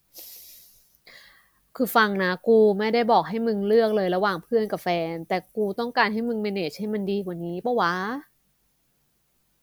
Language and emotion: Thai, frustrated